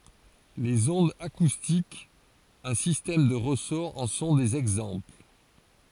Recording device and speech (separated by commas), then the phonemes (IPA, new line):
forehead accelerometer, read sentence
lez ɔ̃dz akustikz œ̃ sistɛm də ʁəsɔʁ ɑ̃ sɔ̃ dez ɛɡzɑ̃pl